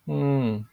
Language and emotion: Thai, frustrated